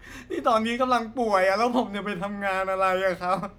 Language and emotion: Thai, sad